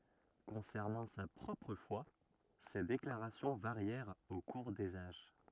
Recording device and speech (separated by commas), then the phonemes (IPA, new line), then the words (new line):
rigid in-ear microphone, read sentence
kɔ̃sɛʁnɑ̃ sa pʁɔpʁ fwa se deklaʁasjɔ̃ vaʁjɛʁt o kuʁ dez aʒ
Concernant sa propre foi, ses déclarations varièrent au cours des âges.